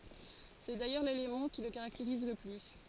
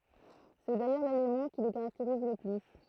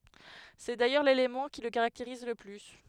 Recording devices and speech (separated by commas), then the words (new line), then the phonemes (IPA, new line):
forehead accelerometer, throat microphone, headset microphone, read sentence
C'est d'ailleurs l'élément qui le caractérise le plus.
sɛ dajœʁ lelemɑ̃ ki lə kaʁakteʁiz lə ply